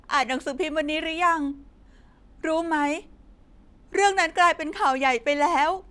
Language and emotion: Thai, sad